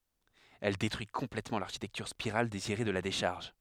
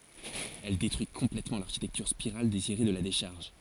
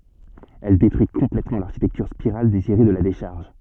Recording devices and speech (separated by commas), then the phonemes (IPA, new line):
headset microphone, forehead accelerometer, soft in-ear microphone, read sentence
ɛl detʁyi kɔ̃plɛtmɑ̃ laʁʃitɛktyʁ spiʁal deziʁe də la deʃaʁʒ